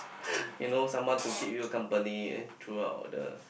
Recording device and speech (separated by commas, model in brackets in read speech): boundary microphone, conversation in the same room